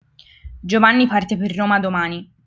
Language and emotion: Italian, neutral